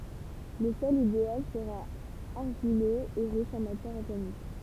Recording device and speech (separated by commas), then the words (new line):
temple vibration pickup, read sentence
Le sol idéal sera argileux et riche en matière organique.